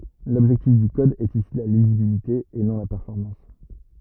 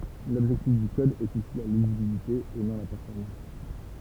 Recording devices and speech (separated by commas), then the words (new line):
rigid in-ear microphone, temple vibration pickup, read sentence
L'objectif du code est ici la lisibilité et non la performance.